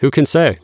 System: none